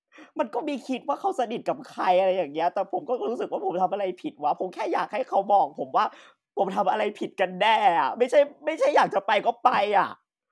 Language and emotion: Thai, sad